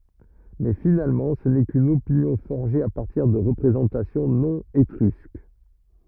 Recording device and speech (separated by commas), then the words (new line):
rigid in-ear microphone, read sentence
Mais finalement ce n'est qu'une opinion forgée à partir de représentations non étrusques.